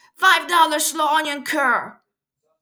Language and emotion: English, angry